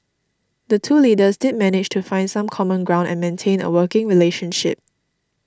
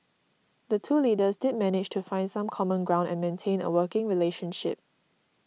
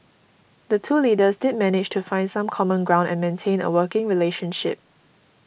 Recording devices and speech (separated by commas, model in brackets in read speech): standing microphone (AKG C214), mobile phone (iPhone 6), boundary microphone (BM630), read sentence